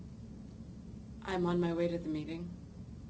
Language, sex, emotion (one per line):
English
female
neutral